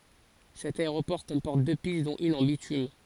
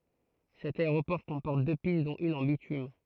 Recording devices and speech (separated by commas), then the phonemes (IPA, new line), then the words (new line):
forehead accelerometer, throat microphone, read sentence
sɛt aeʁopɔʁ kɔ̃pɔʁt dø pist dɔ̃t yn ɑ̃ bitym
Cet aéroport comporte deux pistes dont une en bitume.